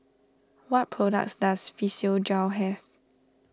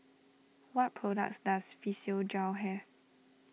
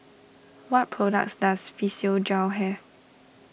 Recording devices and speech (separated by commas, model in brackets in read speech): standing microphone (AKG C214), mobile phone (iPhone 6), boundary microphone (BM630), read sentence